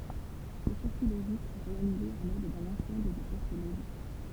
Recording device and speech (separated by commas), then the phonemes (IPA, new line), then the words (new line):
temple vibration pickup, read sentence
sə siʁkyi loʒik ɛ ʁealize a lɛd dœ̃n ɑ̃sɑ̃bl də pɔʁt loʒik
Ce circuit logique est réalisé à l'aide d'un ensemble de portes logiques.